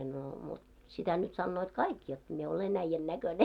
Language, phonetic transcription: Finnish, no mut , 'sitä nyt 'sannoot "kaik jot , mie "ole'n ‿äⁱjjän näköne .
- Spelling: no mutta sitä nyt sanovat kaikki jotta minä olen äijän näköinen

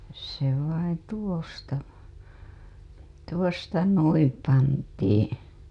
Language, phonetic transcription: Finnish, se vain 'tuosta , 'tuosta "nuim pantiiḭ .
- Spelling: se vain tuosta tuosta noin pantiin

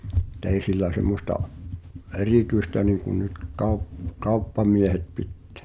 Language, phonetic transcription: Finnish, [mut]'tei sil̆lä 'sem̆mosta’ , "erityistä niŋkun̆ nyt , kau̬p- , "kauppamiehet 'pittᴀ̈ᴀ̈ .
- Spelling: mutta ei sillä semmoista erityistä niin kuin nyt - kauppamiehet pitää

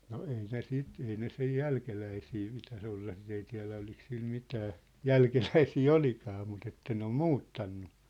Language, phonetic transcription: Finnish, no 'ei ne "sit , 'ei ne sej "jälkeläisii pitäs ‿olla sit ‿ei tiä̭lä olik sil 'mitää , "jälkeläisii "olikaa mut ‿että ne ‿om "muuttannu .
- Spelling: no ei ne sitä ei ne sen jälkeläisiä pitäisi olla sitä ei tiedä oliko sillä mitään jälkeläisiä olikaan mutta että ne on muuttanut

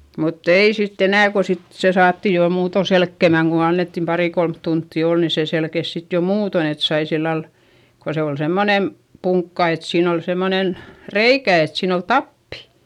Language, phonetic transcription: Finnish, mutt ‿ei sitt ‿enä̀ ko sit , se saattì jo muuto selkkemäŋ ku annettim parì kolmt tunttì òl ni sè selkes sit jo muuton ‿et sai sillal , ko se ol semmonem , puŋkka et siin ‿ol semmonen , reikä et siin ‿ol tappI .
- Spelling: mutta ei sitten enää kun sitten se saatiin jo muuten selkeämään kun annettiin pari kolme tuntia olla niin se selkesi sitten jo muuten että sai sillä lailla kun se oli semmoinen punkka että siinä oli semmoinen reikä että siinä oli tappi

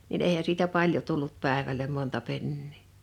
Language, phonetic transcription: Finnish, nin 'èihä siitä "paljo 'tullut 'pä̀evälem 'monta 'pennii .
- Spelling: niin eihän siitä paljon tullut päivälle monta penniä

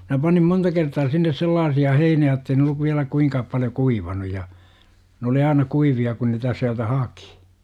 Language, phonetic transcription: Finnish, minä panim 'monta kertaa sinnes "sellaasi₍a 'heini₍ä j°ttei ne olluv viälä 'kuiŋkaap paljo "kuivanu ja , n ‿oli 'aina "kuivi₍a kun niitä siältä "hakI .
- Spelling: minä panin monta kertaa sinne sellaisia heiniä jotta ei ne ollut vielä kuinka paljon kuivaneet ja ne oli aina kuivia kun niitä sieltä haki

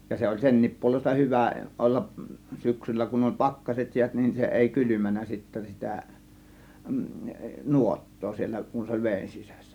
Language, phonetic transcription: Finnish, ja 'se oĺ "senniip puolesta "hyvä , 'ollaˀ , 'syksyllä kun oĺ "pakkaset 'jiät , nin 'se èi 'kylymän̆nä sittä 'sitä̀ , "nuot̀too siel̆lä kun 'se oĺ "vèin 'sisÄssÄ .
- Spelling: ja se oli senkin puolesta hyvä olla syksyllä kun oli pakkaset jäät niin se ei kylmännyt sitten sitä nuottaa siellä kun se oli veden sisässä

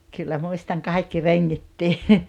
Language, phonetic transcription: Finnish, kyllä 'muistaŋ 'kaikki "reŋŋittii .
- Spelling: kyllä muistan kaikki rengitkin

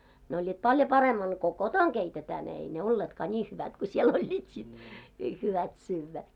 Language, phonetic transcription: Finnish, ne oĺĺiit "paljo 'paremman̳§ ko "kotoŋ keitetää , ne ei ne "olleetkaa 'ńii hyvät ku 'siel oĺĺiit sit , ni 'hyvät 'syyvvä .
- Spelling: ne olivat paljon paremman kuun koton keitetään ne ei ne olleetkaan niin hyvät kuin siellä olivat sitten niin hyvät syödä

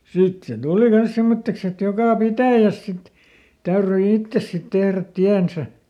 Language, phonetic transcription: Finnish, ˈsit se ˈtùli ˈkans ˈsemmotteks ‿et ˈjokà "pitä̀jäs sit , täyryi ˈittes sit ˈtehrät "tiänsä .
- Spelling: sitten se tuli kanssa semmoiseksi että joka pitäjässä sitten täytyi itse sitten tehdä tiensä

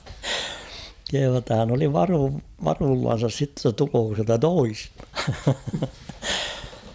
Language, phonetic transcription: Finnish, kehuu ‿tta hän ‿oli 'varuu- 'varuullan̬sas sitte ‿tta 'tulooko siältä 'toistᴀ . .
- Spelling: kehuu jotta hän oli - varuillansa sitten jotta tuleeko sieltä toista

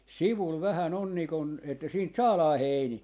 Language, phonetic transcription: Finnish, "sivul vähä'n ‿on nì kun , että 'siint "saalaa "heinii .
- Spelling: sivulla vähän on niin kuin että siitä saadaan heiniä

